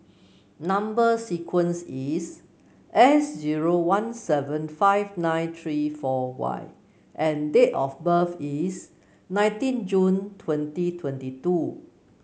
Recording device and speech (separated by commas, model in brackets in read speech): mobile phone (Samsung C9), read sentence